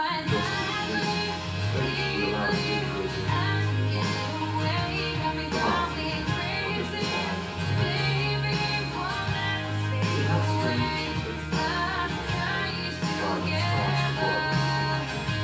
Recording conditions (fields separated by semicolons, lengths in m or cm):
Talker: one person; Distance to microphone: 9.8 m; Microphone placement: far; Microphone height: 1.8 m; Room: large; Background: music